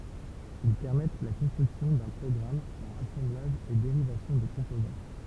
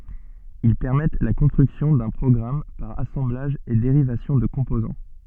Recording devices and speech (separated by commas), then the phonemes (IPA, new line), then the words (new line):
temple vibration pickup, soft in-ear microphone, read sentence
il pɛʁmɛt la kɔ̃stʁyksjɔ̃ dœ̃ pʁɔɡʁam paʁ asɑ̃blaʒ e deʁivasjɔ̃ də kɔ̃pozɑ̃
Ils permettent la construction d'un programme par assemblage et dérivation de composants.